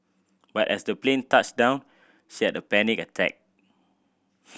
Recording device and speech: boundary microphone (BM630), read sentence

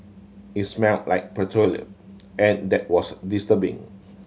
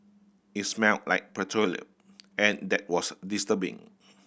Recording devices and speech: mobile phone (Samsung C7100), boundary microphone (BM630), read sentence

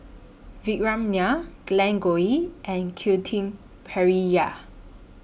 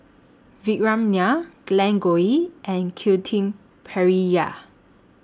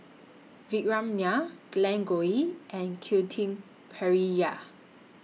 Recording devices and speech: boundary microphone (BM630), standing microphone (AKG C214), mobile phone (iPhone 6), read sentence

